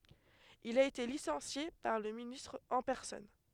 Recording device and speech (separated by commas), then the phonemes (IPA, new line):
headset microphone, read sentence
il a ete lisɑ̃sje paʁ lə ministʁ ɑ̃ pɛʁsɔn